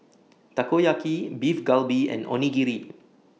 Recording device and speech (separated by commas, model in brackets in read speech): mobile phone (iPhone 6), read sentence